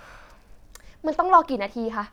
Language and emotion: Thai, angry